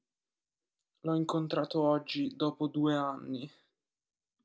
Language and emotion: Italian, sad